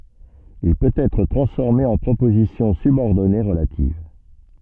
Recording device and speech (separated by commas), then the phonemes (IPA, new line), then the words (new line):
soft in-ear microphone, read sentence
il pøt ɛtʁ tʁɑ̃sfɔʁme ɑ̃ pʁopozisjɔ̃ sybɔʁdɔne ʁəlativ
Il peut être transformé en proposition subordonnée relative.